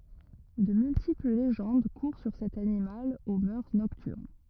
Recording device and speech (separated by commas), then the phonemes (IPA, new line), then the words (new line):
rigid in-ear microphone, read sentence
də myltipl leʒɑ̃d kuʁ syʁ sɛt animal o mœʁ nɔktyʁn
De multiples légendes courent sur cet animal aux mœurs nocturnes.